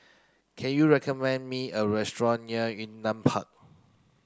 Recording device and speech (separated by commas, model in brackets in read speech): close-talking microphone (WH30), read sentence